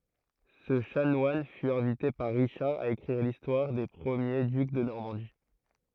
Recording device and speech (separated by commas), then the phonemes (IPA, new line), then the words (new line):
throat microphone, read sentence
sə ʃanwan fy ɛ̃vite paʁ ʁiʃaʁ a ekʁiʁ listwaʁ de pʁəmje dyk də nɔʁmɑ̃di
Ce chanoine fut invité par Richard à écrire l'histoire des premiers ducs de Normandie.